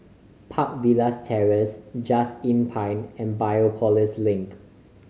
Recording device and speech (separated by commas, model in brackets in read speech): mobile phone (Samsung C5010), read sentence